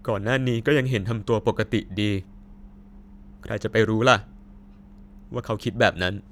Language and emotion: Thai, sad